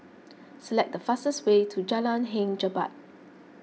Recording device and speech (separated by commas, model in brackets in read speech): mobile phone (iPhone 6), read sentence